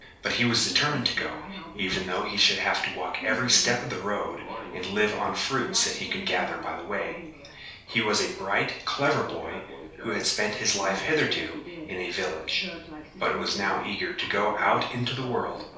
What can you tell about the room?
A small space (about 3.7 m by 2.7 m).